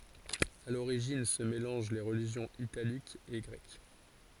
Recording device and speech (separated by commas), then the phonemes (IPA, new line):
forehead accelerometer, read sentence
a loʁiʒin sə melɑ̃ʒ le ʁəliʒjɔ̃z italikz e ɡʁɛk